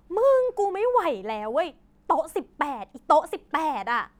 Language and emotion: Thai, angry